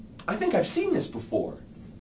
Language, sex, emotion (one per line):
English
male
neutral